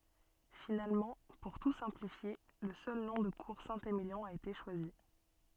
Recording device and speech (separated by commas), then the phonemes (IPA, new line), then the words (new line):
soft in-ear microphone, read sentence
finalmɑ̃ puʁ tu sɛ̃plifje lə sœl nɔ̃ də kuʁ sɛ̃temiljɔ̃ a ete ʃwazi
Finalement, pour tout simplifier, le seul nom de Cour Saint-Émilion a été choisi.